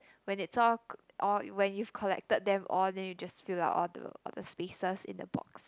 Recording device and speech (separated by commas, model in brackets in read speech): close-talking microphone, conversation in the same room